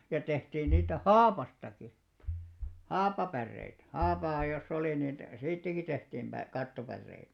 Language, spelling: Finnish, ja tehtiin niitä haavastakin haapapäreitä haapaa jossa oli niin siitäkin tehtiin - kattopäreitä
- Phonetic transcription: ja 'tehtiin niitä "haapastaki , "haapapärreitᵃ̈ , 'haapaa joss ‿oli nin , "siittäki 'tehtiim pä- , "kattopärreitᴀ̈ .

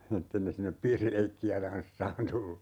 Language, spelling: Finnish, että ei ne sinne ole piirileikkiä tanssaamaan tullut
- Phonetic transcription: 'ettei ne (sinne op) "piirileikki₍ä 'tanssaan 'tullu .

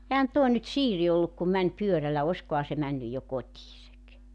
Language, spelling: Finnish, eihän tuo nyt Siiri ollut kun meni pyörällä olisikohan se mennyt jo kotinsa
- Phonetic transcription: ehän 'tuo nyt 'Siiri olluk kum 'mäń 'pyörällä 'oskoha se männyj jo 'kotiisek .

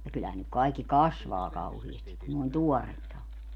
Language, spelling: Finnish, ja kyllähän nyt kaikki kasvaa kauheasti kun noin tuoretta on
- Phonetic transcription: ja kyllähän nyk 'kaikki "kasvaa kauhiestik̆ kun nòⁱn "tuɔrretta o .

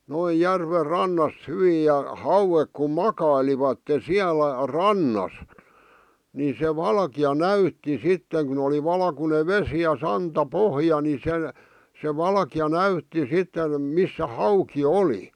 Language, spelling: Finnish, noin järven rannassa hyvin ja hauet kun makailivat siellä rannassa niin se valkea näytti sitten kun oli valkoinen vesi ja santapohja niin se se valkea näytti sitten missä hauki oli
- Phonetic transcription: 'noij "järver "rannasᵗ 'hyviij ja , "hauwek kum "makailivatte "siälä , "rannas , ni se "valki₍a "näytti 'sitteŋ kun ‿oli 'valkune "vesi ja 'santa"pohja ni 'se , se 'valkⁱja "näytti sitten , 'missä 'hauki "oli .

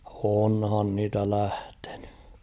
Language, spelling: Finnish, onhan niitä lähtenyt
- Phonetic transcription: onhan niitä 'lähtᴇɴʏ .

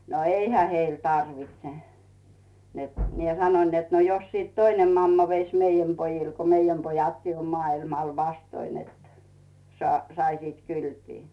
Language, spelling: Finnish, no eihän heille tarvitse että minä sanoin että no jos sitten toinen mamma veisi meidän pojille kun meidän pojatkin on maailmalla vastoja että - saisivat kylpeä
- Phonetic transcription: no "eihä 'heil 'tarvitse , net 'mie "sanoⁱn net » no jos sìt 'toinem mamma veis "meijäm 'pojil ko , "meijäm 'pojatkii om 'maa₍ilmal « vastoin net , sa- , 'saisit "kylpii .

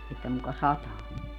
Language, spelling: Finnish, että muka sataa
- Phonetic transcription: että muka "sataa .

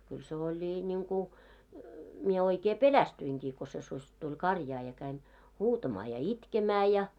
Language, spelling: Finnish, kyllä se oli niin kuin minä oikein pelästyinkin kun se susi tuli karjaan ja kävin huutamaan ja itkemään ja
- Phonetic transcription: kyl se oĺi ńiŋku , mie oikee "pelästyiŋkii ko se suś tuĺ "karjaa ja käin , 'huutamaa ja "itkemää ja .

